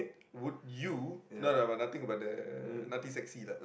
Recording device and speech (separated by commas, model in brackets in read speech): boundary microphone, conversation in the same room